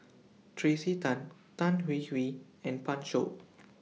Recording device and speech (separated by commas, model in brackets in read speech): mobile phone (iPhone 6), read sentence